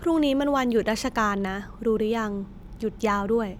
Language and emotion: Thai, frustrated